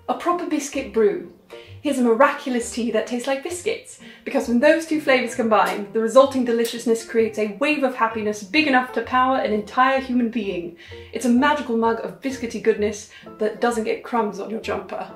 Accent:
in an English accent